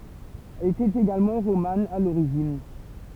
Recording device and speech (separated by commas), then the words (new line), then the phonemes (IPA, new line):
temple vibration pickup, read sentence
Elle était également romane à l'origine.
ɛl etɛt eɡalmɑ̃ ʁoman a loʁiʒin